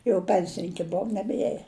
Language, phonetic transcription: Lithuanian, jau ˈpensininki ˈbov nebˈieja

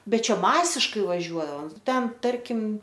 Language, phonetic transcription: Lithuanian, ˈbet ˈčia ˈmasiškai vaˈžiuoaom ˈten ˈtarkim

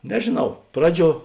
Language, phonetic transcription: Lithuanian, nežėˈnau ˈpraˌdžiuo

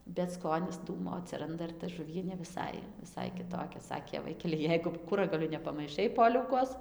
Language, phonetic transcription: Lithuanian, bet ˈskonis ˈdūmo atsiˈranda ir ta žuˈvienė viˈsai viˈsai kiˈtokia ˈsakė ˈvaikeli ˈjeigu ˈkuragaliu nepamaiˈšai ˈpoliaukos

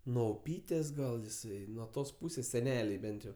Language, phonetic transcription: Lithuanian, nuo uˈpytės gal jiˈsai nuo ˈtos ˈpūsės seˈnelei ˈbent jau

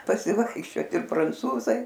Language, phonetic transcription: Lithuanian, pasiˈvaikščiot ir pranˈcūzai

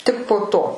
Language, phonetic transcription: Lithuanian, ˈtik po ˈto

